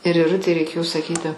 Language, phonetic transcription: Lithuanian, ir iˈrutei reiˈkėjo saˈkyti

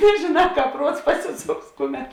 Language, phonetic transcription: Lithuanian, nežėˌnā ˈkāp ˈpruots ˈpasiˌsoks ˈkuˌmet

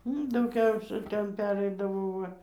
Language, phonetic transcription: Lithuanian, ənu dauˈgiausia ˈten ˈpereidavo ˈva

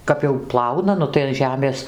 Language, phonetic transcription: Lithuanian, ˈkap jau ˈplauna ˈnu tai an ˈžemės

